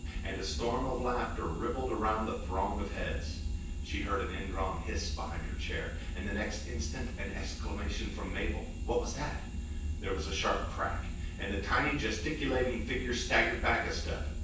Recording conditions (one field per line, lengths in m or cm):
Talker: one person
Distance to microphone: 9.8 m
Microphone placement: far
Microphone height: 1.8 m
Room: large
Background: none